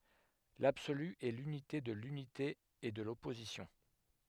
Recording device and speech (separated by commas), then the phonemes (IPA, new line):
headset microphone, read sentence
labsoly ɛ lynite də lynite e də lɔpozisjɔ̃